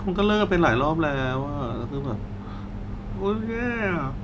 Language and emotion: Thai, sad